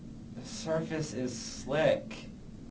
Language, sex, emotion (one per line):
English
male
disgusted